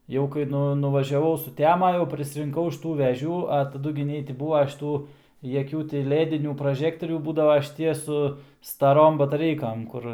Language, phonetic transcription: Lithuanian, jau kai ˈnu nuvaˈžiavau suˈtema jau prisirinˈkau aš ˈtų veˈžių a taˈdu gi ˈnei ti ˈbūva šiˈtų jaˈkių ti ˈledinių praˈžektorių ˈbūdava šiˈtie su staˈrom bataˈreikam ˈkur

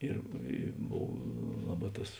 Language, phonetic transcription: Lithuanian, ˈir i ˈbov ˈlaˌbā ˈtas

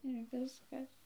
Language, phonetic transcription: Lithuanian, ir ˈviskas

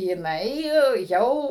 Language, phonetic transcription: Lithuanian, jiˈnai ˈjau

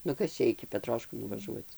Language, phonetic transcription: Lithuanian, nu ˈkas čia iki peˈtroškų nuvaˈžuoc

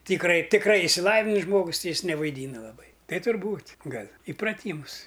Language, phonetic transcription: Lithuanian, tykˈrai tikˈrai išsiˈlavinis ˈžmogus ˈti ˈjis nevaiˈdyna laˈbai ˈtai turˈbūt' ˈgal' ipraˈtymus

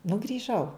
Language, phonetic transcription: Lithuanian, nu grįˈžau

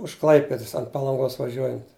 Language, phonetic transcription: Lithuanian, už ˈklaipedas ant palanˈgos vaˈžiuojant

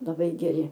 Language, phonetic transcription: Lithuanian, laˈbai geˈri

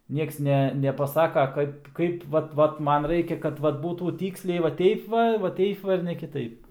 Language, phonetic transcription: Lithuanian, ˈnieks ˈne nepaˈsaka ˈkaip ˈkaip ˈvat ˈvat ˈman ˈraikia kad ˈvat ˈbūtų ˈtyksliai va ˈteip va va ˈteip va ir ne kiˈtaip

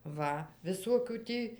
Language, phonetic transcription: Lithuanian, ˈva viˈsokių ˈtį

